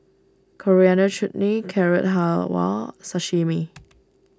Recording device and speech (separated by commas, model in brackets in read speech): standing microphone (AKG C214), read sentence